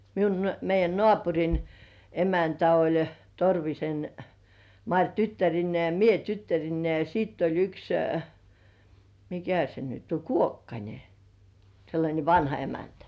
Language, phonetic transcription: Finnish, miun , meij̆jän "nŏàpuŕin , 'emäntä oĺ , 'Torvisen , "Maŕ "tyttärinnĭè ja "mie 'tyttärinnei , ja siitt ‿oĺ yks , "mikä se nyt 'o , "’Kuokkańe , sellańe "vanha 'emäntä .
- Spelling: minun meidän naapurin emäntä oli Torvisen Mari tyttärineen ja minä tyttärineni ja sitten oli yksi mikä se nyt on Kuokkanen sellainen vanha emäntä

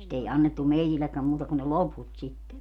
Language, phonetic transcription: Finnish, sit ‿ei annettu 'meitillekkäm 'muuta kun ne "loput sitte .
- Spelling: sitä ei annettu meillekään muuta kuin ne loput sitten

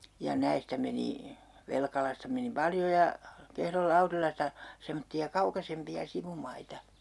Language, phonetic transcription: Finnish, ja 'näistä meni , 'Velkalasta meni 'paljo ja , 'Kehrol 'Laurilasta , 'semotti₍a "kaukasempi₍a 'sivumaita .
- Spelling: ja näistä meni Velkalasta meni paljon ja Kehron Laurilasta semmoisia kaukaisempia sivumaita

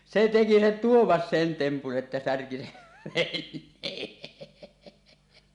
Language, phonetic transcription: Finnish, se 'teki se "Tuomas sen tempun ˀettä 'särki 'sev "ven̆nee .
- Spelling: se teki se Tuomas sen tempun että särki sen veneen

